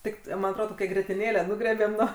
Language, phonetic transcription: Lithuanian, ˈtik man atˈrodo toˈkią grietiˈnėlę ˈnugriebėm ˈnuo

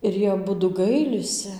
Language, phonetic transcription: Lithuanian, ir ˈjie aˈbudu ˈgailisi

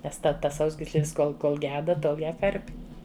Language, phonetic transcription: Lithuanian, ˈnes ˈte ˈtas ˈsausgyslės ˈkol kol ˈgeda ˈtol ˈją ˈkarpi

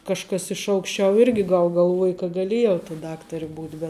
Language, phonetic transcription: Lithuanian, kažˈkas iš aukšˈčiau ˈirgi gal galˈvuoja ka gaˈlėjau ta ˈdaktari ˈbūt' bet

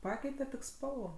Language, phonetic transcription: Lithuanian, ˈpakeite tik ˈspalvo

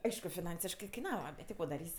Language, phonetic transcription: Lithuanian, ˈaišku fiˈnansiškɜ kaiˈnava bet ti ˈko daˈrys'

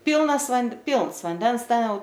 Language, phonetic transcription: Lithuanian, ˈpylnas vand ˈpylns vanˈdens ˈten ˈjau

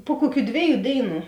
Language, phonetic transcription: Lithuanian, pu ˈkuˌkių ˈdvėˌjų ˈdėiˌnų

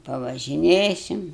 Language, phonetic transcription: Lithuanian, pavažiˈnėsim

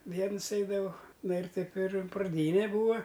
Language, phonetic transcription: Lithuanian, ˈvienus ˈeidavau ˈna ir ˈtaip ir praˈdyne ˈbūa

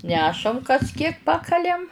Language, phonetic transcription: Lithuanian, ˈnešam kas kiek ˈpakaliam

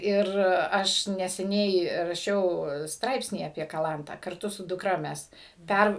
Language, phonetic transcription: Lithuanian, ˈir ˈaš neseˈniai raˈšiau ˈstraipsnį apie kaˈlantą karˈtu su duˈkra ˈmes ˈpær

